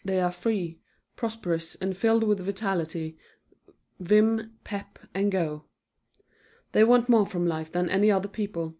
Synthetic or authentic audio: authentic